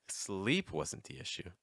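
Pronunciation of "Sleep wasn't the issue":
'Sleep wasn't the issue' starts at a higher pitch and finishes at a lower pitch.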